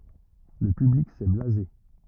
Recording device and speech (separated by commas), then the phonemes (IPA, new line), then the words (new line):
rigid in-ear microphone, read sentence
lə pyblik sɛ blaze
Le public s'est blasé.